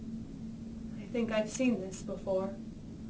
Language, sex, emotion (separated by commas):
English, female, sad